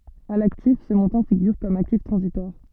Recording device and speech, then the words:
soft in-ear microphone, read sentence
À l'actif, ce montant figure comme actif transitoire.

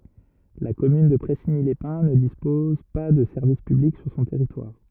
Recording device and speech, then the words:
rigid in-ear microphone, read sentence
La commune de Pressigny-les-Pins ne dispose pas de services publics sur son territoire.

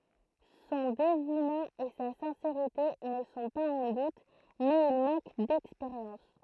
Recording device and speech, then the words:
throat microphone, read sentence
Son dévouement et sa sincérité ne sont pas en doute, mais il manque d'expérience.

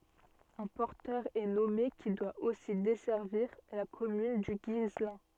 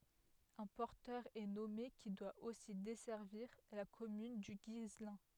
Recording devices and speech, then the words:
soft in-ear microphone, headset microphone, read sentence
Un porteur est nommé qui doit aussi desservir la commune du Guislain.

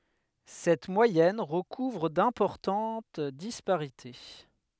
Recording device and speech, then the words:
headset microphone, read sentence
Cette moyenne recouvre d'importante disparités.

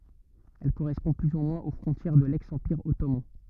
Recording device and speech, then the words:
rigid in-ear microphone, read sentence
Elle correspond plus ou moins aux frontières de l'ex-Empire ottoman.

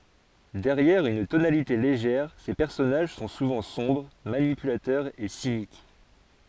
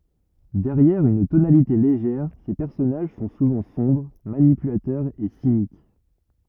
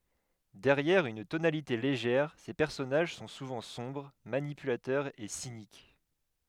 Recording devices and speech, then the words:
forehead accelerometer, rigid in-ear microphone, headset microphone, read sentence
Derrière une tonalité légère, ses personnages sont souvent sombres, manipulateurs et cyniques.

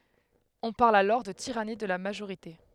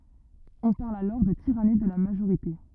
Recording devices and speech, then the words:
headset microphone, rigid in-ear microphone, read sentence
On parle alors de tyrannie de la majorité.

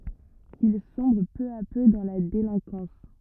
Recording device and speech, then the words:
rigid in-ear microphone, read sentence
Il sombre peu à peu dans la délinquance.

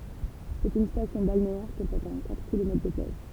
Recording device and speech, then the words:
temple vibration pickup, read sentence
C'est une station balnéaire comportant quatre kilomètres de plages.

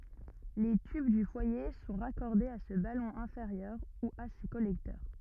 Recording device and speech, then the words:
rigid in-ear microphone, read sentence
Les tubes du foyer sont raccordés à ce ballon inférieur ou à ces collecteurs.

